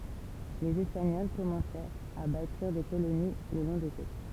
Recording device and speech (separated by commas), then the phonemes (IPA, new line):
temple vibration pickup, read sentence
lez ɛspaɲɔl kɔmɑ̃sɛʁt a batiʁ de koloni lə lɔ̃ de kot